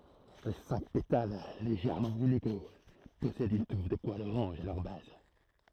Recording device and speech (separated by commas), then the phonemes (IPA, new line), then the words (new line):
throat microphone, read sentence
le sɛ̃k petal leʒɛʁmɑ̃ ineɡo pɔsɛdt yn tuf də pwalz oʁɑ̃ʒ a lœʁ baz
Les cinq pétales légèrement inégaux possèdent une touffe de poils orange à leur base.